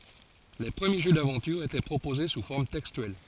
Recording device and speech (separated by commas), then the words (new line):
forehead accelerometer, read sentence
Les premiers jeux d'aventure étaient proposés sous forme textuelle.